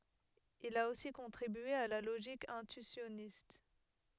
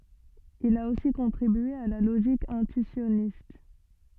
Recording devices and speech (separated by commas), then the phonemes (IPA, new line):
headset microphone, soft in-ear microphone, read sentence
il a osi kɔ̃tʁibye a la loʒik ɛ̃tyisjɔnist